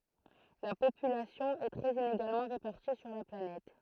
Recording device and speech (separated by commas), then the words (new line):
throat microphone, read sentence
La population est très inégalement répartie sur la planète.